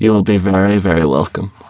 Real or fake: fake